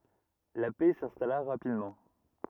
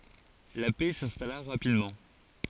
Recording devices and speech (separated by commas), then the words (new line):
rigid in-ear microphone, forehead accelerometer, read sentence
La paix s'installa rapidement.